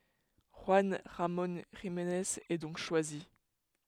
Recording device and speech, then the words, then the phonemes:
headset microphone, read sentence
Juan Ramon Jimenez est donc choisi.
ʒyɑ̃ ʁamɔ̃ ʒimnez ɛ dɔ̃k ʃwazi

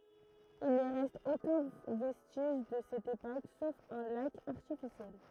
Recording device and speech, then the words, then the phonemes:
throat microphone, read sentence
Il ne reste aucun vestige de cette époque, sauf un lac artificiel.
il nə ʁɛst okœ̃ vɛstiʒ də sɛt epok sof œ̃ lak aʁtifisjɛl

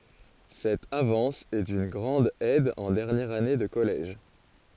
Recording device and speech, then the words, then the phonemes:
forehead accelerometer, read sentence
Cette avance est d'une grande aide en dernière année de collège.
sɛt avɑ̃s ɛ dyn ɡʁɑ̃d ɛd ɑ̃ dɛʁnjɛʁ ane də kɔlɛʒ

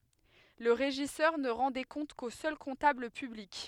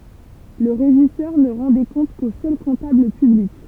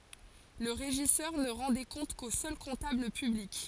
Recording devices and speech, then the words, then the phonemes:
headset microphone, temple vibration pickup, forehead accelerometer, read sentence
Le régisseur ne rend des comptes qu'au seul comptable public.
lə ʁeʒisœʁ nə ʁɑ̃ de kɔ̃t ko sœl kɔ̃tabl pyblik

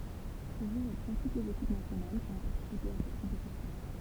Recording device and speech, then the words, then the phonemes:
temple vibration pickup, read sentence
Le jeu reprend toutes les équipes nationales qui ont participé à cette compétition.
lə ʒø ʁəpʁɑ̃ tut lez ekip nasjonal ki ɔ̃ paʁtisipe a sɛt kɔ̃petisjɔ̃

